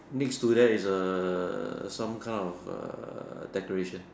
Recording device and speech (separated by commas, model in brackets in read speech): standing microphone, conversation in separate rooms